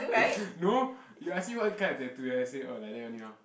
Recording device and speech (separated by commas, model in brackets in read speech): boundary microphone, conversation in the same room